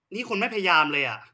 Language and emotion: Thai, frustrated